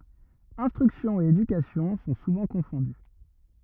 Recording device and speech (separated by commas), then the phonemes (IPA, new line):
rigid in-ear microphone, read sentence
ɛ̃stʁyksjɔ̃ e edykasjɔ̃ sɔ̃ suvɑ̃ kɔ̃fɔ̃dy